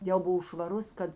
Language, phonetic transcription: Lithuanian, ˈjau ˈbuv švaˈrus ˈkad

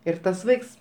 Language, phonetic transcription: Lithuanian, ir ˈtas ˈvaiks

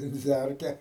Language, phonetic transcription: Lithuanian, venˈdzærke

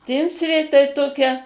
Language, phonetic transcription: Lithuanian, ˈtimsrė tai ˈtokia

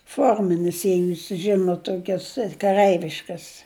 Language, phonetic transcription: Lithuanian, ˈforminis ˈjei ˈjūs ˈžinut ˈtokias kaˈrɜiviškas

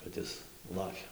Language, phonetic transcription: Lithuanian, kad ˈis ˈlakia

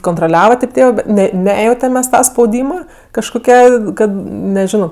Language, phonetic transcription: Lithuanian, kontroˈliava tėp ˈtėvɜ ˈbet ˈne ˈnejautem ˈmes ˈta spauˈdyma kažkoˈkia ˈkad neˈžino

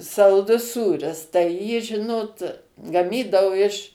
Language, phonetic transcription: Lithuanian, salˈdus ˈsūris tai ˈjį ˈžinot gaˈmydau iš

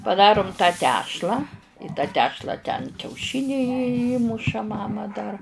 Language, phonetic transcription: Lithuanian, paˈdarum tą ˈtešlą į tą ˈtešla ten kiauˈšiniai ji ˈįmuša ˈmama dar

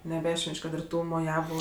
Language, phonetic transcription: Lithuanian, neˈbešven'č' ˈkad ir ˈtų moˈjavu

